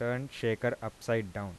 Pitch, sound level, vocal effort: 115 Hz, 86 dB SPL, soft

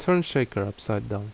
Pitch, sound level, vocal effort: 105 Hz, 76 dB SPL, normal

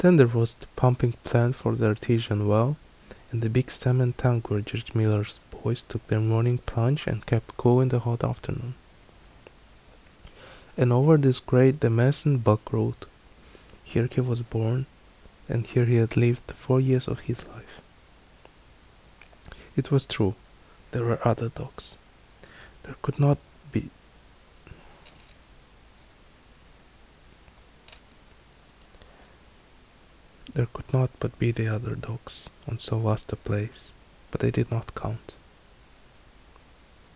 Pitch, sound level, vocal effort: 115 Hz, 69 dB SPL, soft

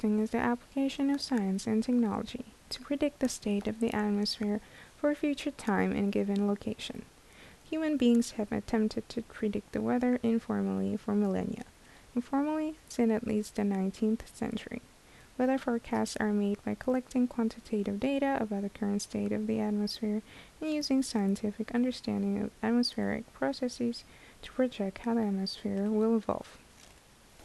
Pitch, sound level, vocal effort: 225 Hz, 74 dB SPL, soft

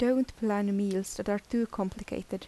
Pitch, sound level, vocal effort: 205 Hz, 80 dB SPL, soft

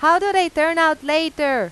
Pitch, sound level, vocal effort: 315 Hz, 97 dB SPL, very loud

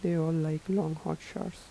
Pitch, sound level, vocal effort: 160 Hz, 79 dB SPL, soft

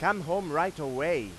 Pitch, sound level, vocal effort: 175 Hz, 100 dB SPL, very loud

